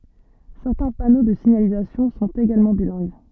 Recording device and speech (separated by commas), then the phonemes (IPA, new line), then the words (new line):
soft in-ear microphone, read sentence
sɛʁtɛ̃ pano də siɲalizasjɔ̃ sɔ̃t eɡalmɑ̃ bilɛ̃ɡ
Certains panneaux de signalisation sont également bilingues.